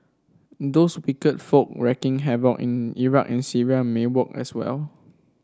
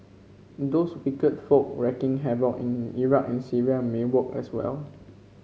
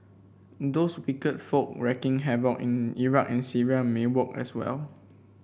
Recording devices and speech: standing microphone (AKG C214), mobile phone (Samsung C5), boundary microphone (BM630), read sentence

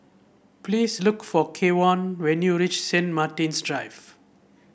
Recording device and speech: boundary microphone (BM630), read sentence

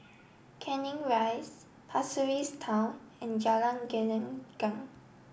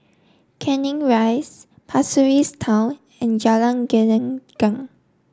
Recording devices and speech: boundary microphone (BM630), standing microphone (AKG C214), read sentence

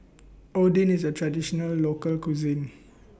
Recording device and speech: boundary microphone (BM630), read sentence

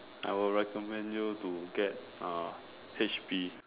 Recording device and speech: telephone, conversation in separate rooms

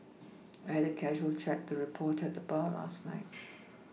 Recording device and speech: mobile phone (iPhone 6), read sentence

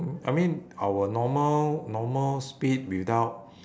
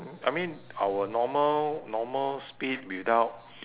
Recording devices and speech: standing microphone, telephone, conversation in separate rooms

